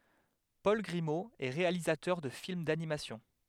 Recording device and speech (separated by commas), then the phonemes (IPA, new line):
headset microphone, read sentence
pɔl ɡʁimo ɛ ʁealizatœʁ də film danimasjɔ̃